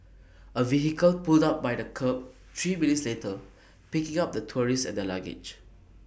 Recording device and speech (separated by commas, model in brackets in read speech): boundary microphone (BM630), read sentence